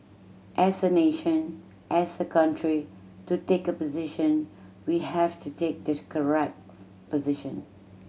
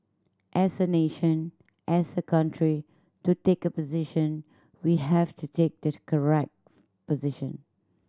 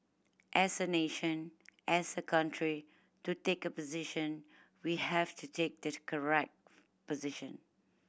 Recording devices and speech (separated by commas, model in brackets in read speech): mobile phone (Samsung C7100), standing microphone (AKG C214), boundary microphone (BM630), read sentence